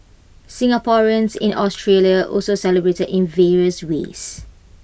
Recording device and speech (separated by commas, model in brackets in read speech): boundary microphone (BM630), read sentence